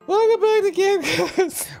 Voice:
Falsetto